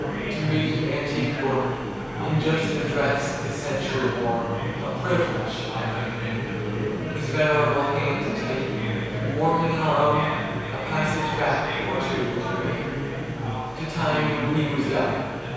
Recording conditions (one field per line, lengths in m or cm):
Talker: one person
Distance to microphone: 7.1 m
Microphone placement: far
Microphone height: 1.7 m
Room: very reverberant, large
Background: babble